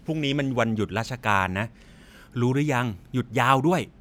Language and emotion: Thai, neutral